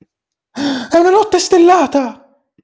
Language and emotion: Italian, surprised